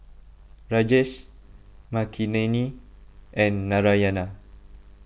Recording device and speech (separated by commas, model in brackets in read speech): boundary microphone (BM630), read sentence